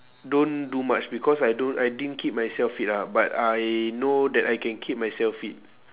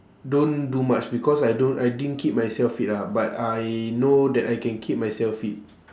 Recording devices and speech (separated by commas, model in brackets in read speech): telephone, standing microphone, conversation in separate rooms